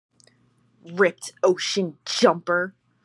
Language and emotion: English, disgusted